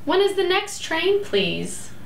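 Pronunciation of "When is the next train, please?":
'When is the next train, please?' is said with a rising intonation, which makes it sound friendly and polite.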